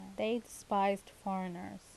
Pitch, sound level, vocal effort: 195 Hz, 81 dB SPL, normal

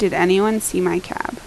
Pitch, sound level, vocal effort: 185 Hz, 80 dB SPL, normal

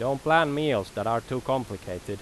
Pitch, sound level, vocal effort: 125 Hz, 90 dB SPL, loud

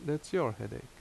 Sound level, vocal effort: 77 dB SPL, normal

